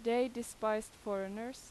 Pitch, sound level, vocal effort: 225 Hz, 88 dB SPL, loud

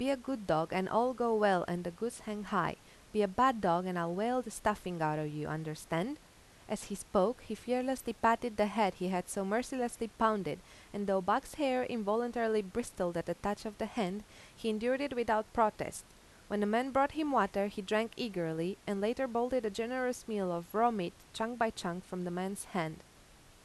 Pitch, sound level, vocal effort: 215 Hz, 86 dB SPL, normal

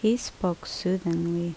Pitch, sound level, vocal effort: 180 Hz, 74 dB SPL, normal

